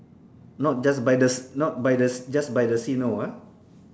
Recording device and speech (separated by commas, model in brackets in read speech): standing microphone, conversation in separate rooms